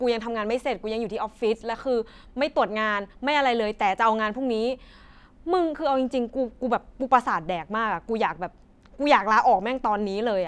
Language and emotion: Thai, frustrated